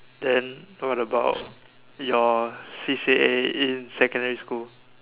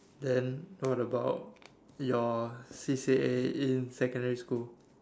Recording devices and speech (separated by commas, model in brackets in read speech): telephone, standing microphone, conversation in separate rooms